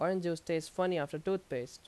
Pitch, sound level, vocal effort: 170 Hz, 86 dB SPL, loud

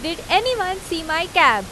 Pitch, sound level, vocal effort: 350 Hz, 94 dB SPL, very loud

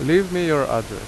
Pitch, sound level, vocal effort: 150 Hz, 87 dB SPL, loud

